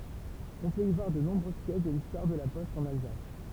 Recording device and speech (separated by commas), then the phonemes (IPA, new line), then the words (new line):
temple vibration pickup, read sentence
ɔ̃ pøt i vwaʁ də nɔ̃bʁøz pjɛs də listwaʁ də la pɔst ɑ̃n alzas
On peut y voir de nombreuses pièces de l'histoire de la poste en Alsace.